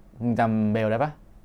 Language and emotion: Thai, neutral